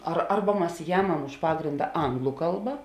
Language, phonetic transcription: Lithuanian, ar ˈarba ˈmas ˈjamam už ˈpagrinda ˈanglu ˈkalba

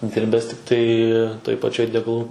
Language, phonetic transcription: Lithuanian, ˈdirbes tikˈtai toj paˈčioj degaˈlų

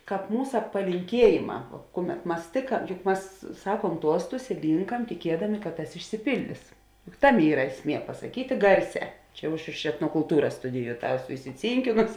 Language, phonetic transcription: Lithuanian, ˈkāp ˈmūsa palinˈkiejėˌmā ˈkuˌmet ˈmas tėka juk ˈmas ˈsakuom ˈtuostus i ˈlynkam tiˈkiedami kad ˈtas išsiˈpildis juk ˈtaˌmė ˈyra ˈesˌmie pasaˈkytė ˈgarˌsē ˈčia jau ˈaš iš etnokulˈtūras ˈstudiju ˈtą ˈeˌsu isiˈcynkinosi

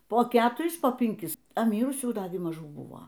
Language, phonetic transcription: Lithuanian, po ˈketuris po pinˈkis a ˈmyrusių ˈdagi maˈžų ˈbuvo

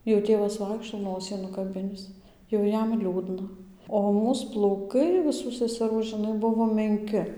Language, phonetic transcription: Lithuanian, jau ˈtėvas ˈvaikšto ˈnosį nukaˈbinis jau ˈjam ˈliūdna o ˈmūs plauˈkai viˈsų seseˈrų žiˈnai ˈbuvo menˈki

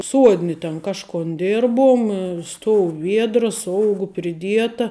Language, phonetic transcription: Lithuanian, ˈsuodni ten ˈkažkon ˈdirbum ˈstou ˈviedras ˈougu priˈdieta

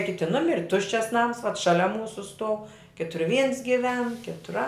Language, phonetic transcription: Lithuanian, ˈkiti ˈnumiri ˈtuščias nams vat šaˈlia ˈmūsu stuov ˈkitur vyns giˈven ˈkitur a

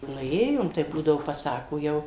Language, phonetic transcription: Lithuanian, ˈnu ˈėjom tai ˈbūdavo paˈsako ˈjau

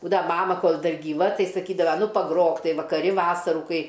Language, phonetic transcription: Lithuanian, ˈbūdava ˈmama ˈkol ˈdar gyˈva ˈtai saˈkydava ˈnu paˈgrok ˈtai vakaˈri ˈvasarų ˈkai

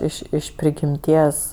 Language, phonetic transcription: Lithuanian, ˈiš iš prigimˈties

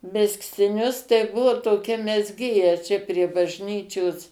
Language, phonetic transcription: Lithuanian, mezgtiˈnius tai ˈbuvo toˈkia mezˈgėja čia prie bažˈnyčios

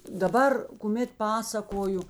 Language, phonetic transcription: Lithuanian, daˈbar kuˈmėt ˈpasakoju

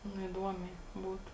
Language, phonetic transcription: Lithuanian, ˈnu iˈduomiai ˈbūtu

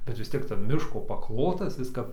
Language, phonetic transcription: Lithuanian, bet vis ˈtiek tarp ˈmiško paˈklotas ˈis kap

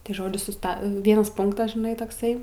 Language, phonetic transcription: Lithuanian, tai ˈžodžiu suˈsta ˈvienas ˈpunktas žiˈnai tokˈsai

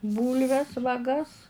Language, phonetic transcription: Lithuanian, ˈbūlves vaˈgas

